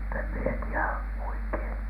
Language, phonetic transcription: Finnish, mutt ‿em mie ti₍ä , oikhEIN .
- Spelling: mutta en minä tiedä oikein

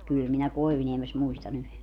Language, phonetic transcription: Finnish, 'kỳl minä "Koivᵘniemes 'muista'n ‿yhe .
- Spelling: kyllä minä Koivuniemessä muistan yhden

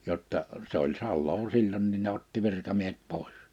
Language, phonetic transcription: Finnish, 'jotta , se ‿oĺ 'salloo 'sil͕l͕onnin ne otti 'virkamiehet 'pòè̬s .
- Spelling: jotta se oli salaa silloinkin ne otti virkamiehet pois

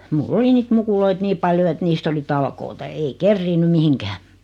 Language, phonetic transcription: Finnish, mul'l ‿oli niit 'mukuloit "nii paljo et 'niist ‿oli 'talkoota ei "kerriinny 'mihiŋkää .
- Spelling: minulla oli niitä mukuloita niin paljon että niistä oli talkoita ei kerinnyt mihinkään

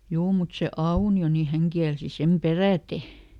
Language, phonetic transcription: Finnish, ˈjuu mut se "Auni₍o ni ˈhäŋ kiälsi ˈsem "perä̀te .
- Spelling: juu mutta se Aunio niin hän kielsi sen peräten

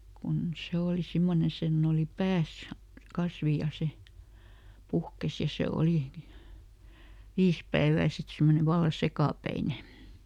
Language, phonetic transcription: Finnish, kun ˈse ooli ˈsimmone ˈsenn ‿ooli "pääs , ˈkasvi ja ˈse , "puhkes ja ˈse ˈolì , "viis päevää sit ˈsimmone ˈvalla "sekàpäine .
- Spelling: kun se oli semmoinen sen oli päässä kasvi ja se puhkesi ja se oli viisi päivää sitten semmoinen vallan sekapäinen

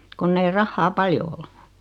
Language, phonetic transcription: Finnish, 'konn ‿ei 'rahhaa "paljo ol .
- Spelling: kun ei rahaa paljon ollut

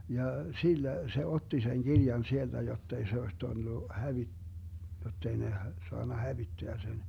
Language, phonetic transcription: Finnish, ja 'sillä , se 'otti seŋ 'Girjan sielDä jott ‿ei se oes 'tullu , 'hävi- , 'jott ‿ei ne h- , 'soanna "hävitteä sen .
- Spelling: ja sillä se otti sen kirjan sieltä jotta ei se olisi tullut - jotta ei ne - saanut hävittää sen

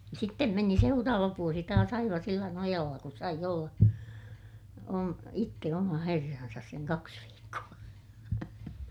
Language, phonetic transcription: Finnish, sittem meni seuraava vuosi taas ‿aiva sillä nojalla ku saij ‿olla , om- , itte oma herransas seŋ kaks viikku₍a .
- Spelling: sitten meni seuraava vuosi taas aivan sillä nojalla kun sai olla - itse oma herransa sen kaksi viikkoa

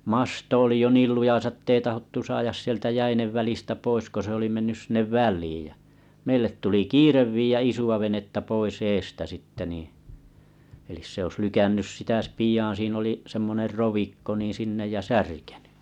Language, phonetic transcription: Finnish, 'masto oli jo 'niil lujasa ᵉttei 'tahottu 'saajas sieltä 'jäinev välistä 'pois ko se oli mennäs 'sinneᵛ "väl̆liij jä , meillet tuli "kiirev vii₍ä 'isu₍a venettä 'pois 'eestä sitte niiḭ , elis se olis 'lykännys sitä s- pij̀aan siin ‿oli , semmoner 'rovikko nii 'sinnej ja "särkeny .
- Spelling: masto oli jo niin lujassa että ei tahdottu saada sieltä jäiden välistä pois kun se oli mennä sinne väliin ja meille tuli kiire viedä isoa venettä pois edestä sitten niin eli se olisi lykännyt sitä - pian siinä oli semmoinen rovikko niin sinne ja särkenyt

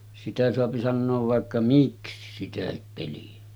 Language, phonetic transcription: Finnish, sitä soapi sannoov 'vàekka 'miksi sitähip peli₍ä .
- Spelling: sitä saa sanoa vaikka miksi sitäkin peliä

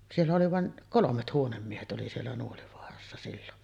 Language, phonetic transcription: Finnish, siellä oli vàen , "kolomet "huonemmiehet oli siellä 'Nuolivoarassa sillon .
- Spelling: siellä oli vain kolmet huonemiehet oli siellä Nuolivaarassa silloin

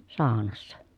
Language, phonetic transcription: Finnish, saanassa .
- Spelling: saunassa

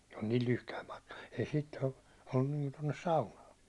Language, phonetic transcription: Finnish, se on niil 'lyhkäim mᴀtkᴀ , ei siit ollun niinku tonnes 'saunaan̬ .
- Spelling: se on niin lyhyt matka ei siitä ollut niin kuin tuonne saunaan

